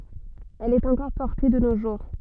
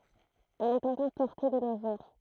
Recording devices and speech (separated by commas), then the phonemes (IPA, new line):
soft in-ear microphone, throat microphone, read sentence
ɛl ɛt ɑ̃kɔʁ pɔʁte də no ʒuʁ